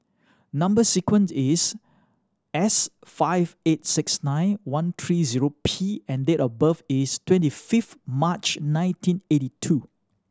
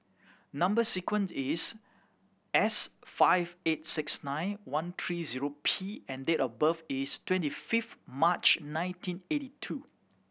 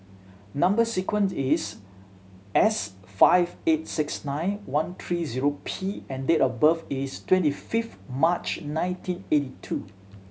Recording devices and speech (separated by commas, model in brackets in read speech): standing microphone (AKG C214), boundary microphone (BM630), mobile phone (Samsung C7100), read sentence